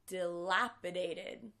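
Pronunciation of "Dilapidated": In 'dilapidated', the t in the last syllable, 'ted', sounds like a d.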